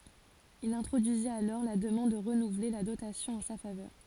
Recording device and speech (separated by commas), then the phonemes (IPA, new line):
forehead accelerometer, read sentence
il ɛ̃tʁodyizit alɔʁ la dəmɑ̃d də ʁənuvle la dotasjɔ̃ ɑ̃ sa favœʁ